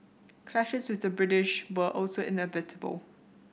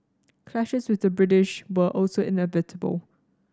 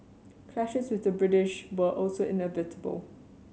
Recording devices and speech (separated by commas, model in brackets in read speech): boundary microphone (BM630), standing microphone (AKG C214), mobile phone (Samsung C7100), read sentence